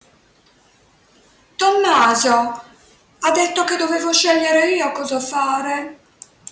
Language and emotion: Italian, sad